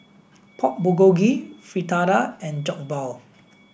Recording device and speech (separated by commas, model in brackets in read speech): boundary microphone (BM630), read sentence